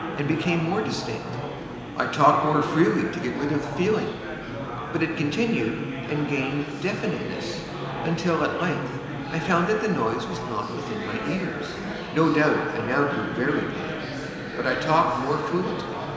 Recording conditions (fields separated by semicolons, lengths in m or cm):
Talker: one person; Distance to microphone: 1.7 m; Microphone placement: close; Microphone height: 1.0 m; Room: very reverberant, large; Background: babble